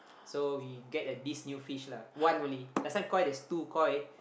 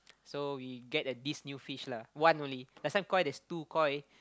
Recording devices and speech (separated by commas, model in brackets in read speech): boundary microphone, close-talking microphone, conversation in the same room